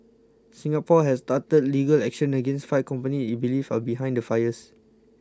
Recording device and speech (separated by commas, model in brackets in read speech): close-talking microphone (WH20), read sentence